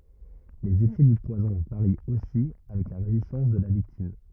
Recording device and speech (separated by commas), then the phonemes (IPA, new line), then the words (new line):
rigid in-ear microphone, read sentence
lez efɛ dy pwazɔ̃ vaʁi osi avɛk la ʁezistɑ̃s də la viktim
Les effets du poison varient aussi avec la résistance de la victime.